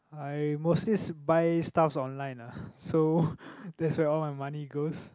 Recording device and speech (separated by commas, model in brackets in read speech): close-talking microphone, conversation in the same room